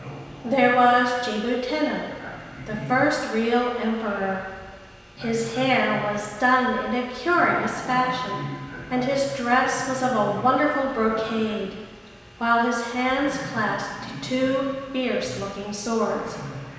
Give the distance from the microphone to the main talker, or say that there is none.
1.7 m.